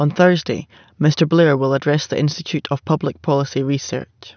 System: none